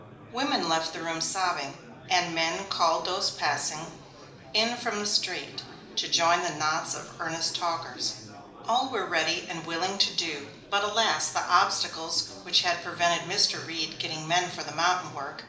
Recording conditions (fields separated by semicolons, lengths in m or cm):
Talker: one person; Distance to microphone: 2.0 m; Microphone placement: close; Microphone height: 99 cm; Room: medium-sized (5.7 m by 4.0 m); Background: babble